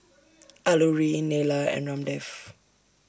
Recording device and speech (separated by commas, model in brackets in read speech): standing microphone (AKG C214), read sentence